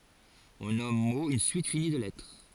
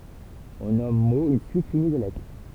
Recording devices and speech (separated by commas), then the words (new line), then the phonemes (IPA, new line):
forehead accelerometer, temple vibration pickup, read sentence
On nomme mot une suite finie de lettres.
ɔ̃ nɔm mo yn syit fini də lɛtʁ